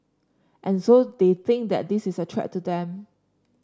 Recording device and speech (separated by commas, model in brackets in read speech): standing microphone (AKG C214), read sentence